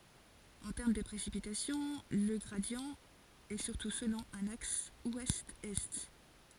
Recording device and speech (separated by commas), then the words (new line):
forehead accelerometer, read sentence
En termes de précipitations, le gradient est surtout selon un axe ouest-est.